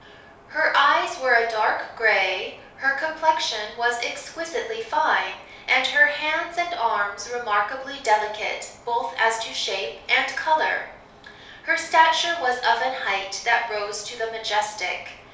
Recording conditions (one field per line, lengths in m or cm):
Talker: one person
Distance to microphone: 3.0 m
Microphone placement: far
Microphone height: 1.8 m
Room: small (3.7 m by 2.7 m)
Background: none